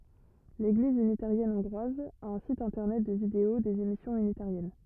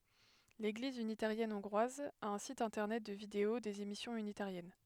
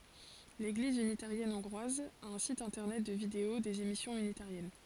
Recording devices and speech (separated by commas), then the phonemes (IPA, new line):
rigid in-ear microphone, headset microphone, forehead accelerometer, read sentence
leɡliz ynitaʁjɛn ɔ̃ɡʁwaz a œ̃ sit ɛ̃tɛʁnɛt də video dez emisjɔ̃z ynitaʁjɛn